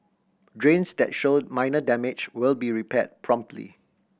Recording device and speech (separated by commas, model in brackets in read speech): boundary microphone (BM630), read sentence